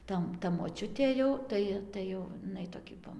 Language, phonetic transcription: Lithuanian, ˈta ta moˈčiutė jau ˈtai tai jau iˈnai toˈki va

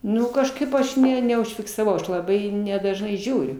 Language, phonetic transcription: Lithuanian, ˈnu kažˈkaip aš ˈne neužfiksaˈvau ˈaš laˈbai nedažˈnai ˈžiūriu

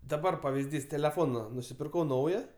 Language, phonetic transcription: Lithuanian, daˈbar pavizˈdys teleˈfona nusipirˈkau ˈnauja

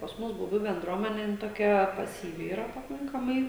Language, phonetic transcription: Lithuanian, pas ˈmus buˈbių benˈdruomene ˈjin toˈkia pasyˈvi yˈra paˈkankamai

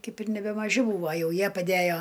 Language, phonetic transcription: Lithuanian, ˈkaip ir nebemaˈži ˈbūva ˈjau ˈjie paˈdæjo

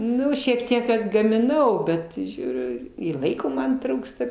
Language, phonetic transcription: Lithuanian, ˈnu šiek ˈtiek atgamiˈnau ˈbet ˈžiūriu i ˈlaiko ˈman ˈtrūksta

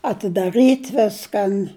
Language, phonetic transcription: Lithuanian, atidaˈrɨt' ˈviskan

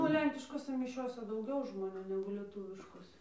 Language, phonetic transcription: Lithuanian, ˈnu o ˈlenkiškose miˈšiose dauˈgiau žmoˈnių negu lieˈtūviškose

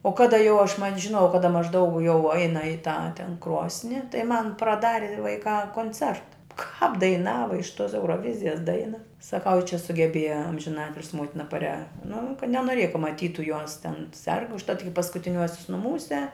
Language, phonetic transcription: Lithuanian, o ˈkada jau aš man' žiˈnojau ˈkada mažˈdaug jau ˈeina i tą ten ˈkrosni tai man praˈdari vaiˈkā konˈcerta kāp daiˈnava iš tos euroˈvizijas ˈdaina saˈkau i čia sugeˈbėja amžiˈnatilsi ˈmotina paˈria nu ka nenoˈrėja ka maˈtytu juos ten serg užˈtat iki paskutiˈniuosius nuˈmūse

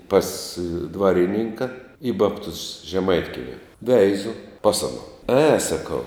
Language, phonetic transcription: Lithuanian, pas ˈdvarininka i ˈbabtus žeˈmaitkiemi ˈveizu ˈpas ano e saˈkau

